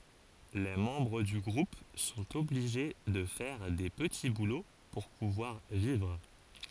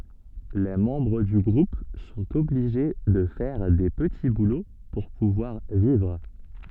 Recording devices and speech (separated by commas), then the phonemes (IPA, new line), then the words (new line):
forehead accelerometer, soft in-ear microphone, read sentence
le mɑ̃bʁ dy ɡʁup sɔ̃t ɔbliʒe də fɛʁ de pəti bulo puʁ puvwaʁ vivʁ
Les membres du groupe sont obligés de faire des petits boulots pour pouvoir vivre.